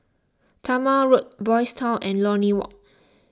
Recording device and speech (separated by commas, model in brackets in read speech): close-talking microphone (WH20), read sentence